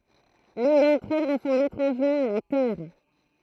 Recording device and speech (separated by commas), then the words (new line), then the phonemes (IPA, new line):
throat microphone, read sentence
L’une d’entre elles ressemble étrangement à la Terre.
lyn dɑ̃tʁ ɛl ʁəsɑ̃bl etʁɑ̃ʒmɑ̃ a la tɛʁ